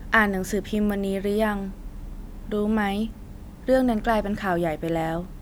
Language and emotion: Thai, neutral